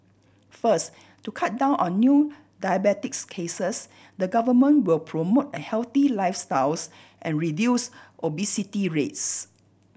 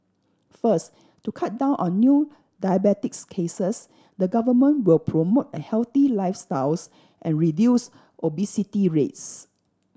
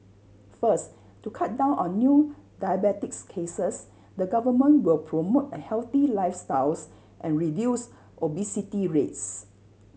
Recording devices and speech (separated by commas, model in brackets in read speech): boundary microphone (BM630), standing microphone (AKG C214), mobile phone (Samsung C7100), read sentence